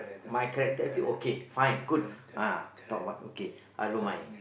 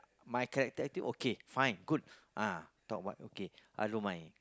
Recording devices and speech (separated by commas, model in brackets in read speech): boundary microphone, close-talking microphone, conversation in the same room